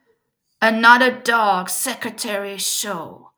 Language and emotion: English, disgusted